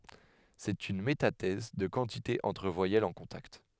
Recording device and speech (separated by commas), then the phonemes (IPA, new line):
headset microphone, read sentence
sɛt yn metatɛz də kɑ̃tite ɑ̃tʁ vwajɛlz ɑ̃ kɔ̃takt